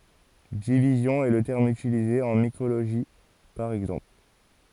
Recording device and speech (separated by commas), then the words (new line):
forehead accelerometer, read sentence
Division est le terme utilisé en mycologie, par exemple.